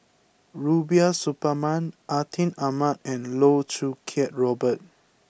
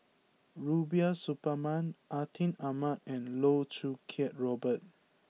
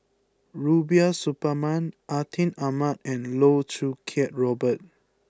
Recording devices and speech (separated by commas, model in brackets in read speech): boundary microphone (BM630), mobile phone (iPhone 6), close-talking microphone (WH20), read sentence